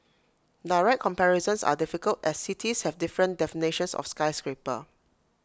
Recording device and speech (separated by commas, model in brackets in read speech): close-talking microphone (WH20), read sentence